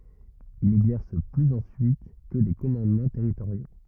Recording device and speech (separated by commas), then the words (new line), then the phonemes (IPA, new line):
rigid in-ear microphone, read sentence
Il n'exerce plus ensuite que des commandements territoriaux.
il nɛɡzɛʁs plyz ɑ̃syit kə de kɔmɑ̃dmɑ̃ tɛʁitoʁjo